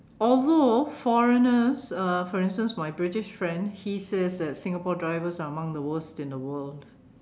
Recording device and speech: standing microphone, conversation in separate rooms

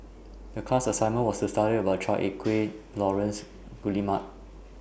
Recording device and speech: boundary microphone (BM630), read sentence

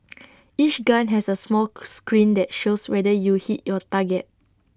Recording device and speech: standing microphone (AKG C214), read sentence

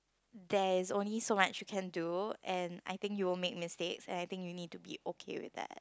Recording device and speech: close-talking microphone, conversation in the same room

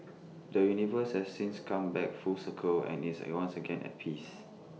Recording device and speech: mobile phone (iPhone 6), read sentence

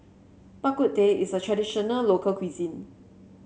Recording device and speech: mobile phone (Samsung C7), read sentence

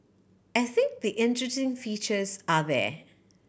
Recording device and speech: boundary microphone (BM630), read sentence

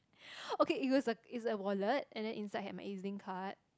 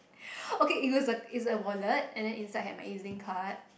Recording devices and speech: close-talking microphone, boundary microphone, conversation in the same room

